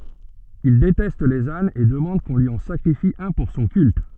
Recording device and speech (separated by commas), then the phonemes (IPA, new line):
soft in-ear microphone, read sentence
il detɛst lez anz e dəmɑ̃d kɔ̃ lyi ɑ̃ sakʁifi œ̃ puʁ sɔ̃ kylt